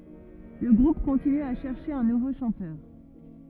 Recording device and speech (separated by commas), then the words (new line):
rigid in-ear microphone, read sentence
Le groupe continue à chercher un nouveau chanteur.